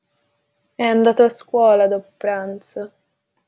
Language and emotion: Italian, sad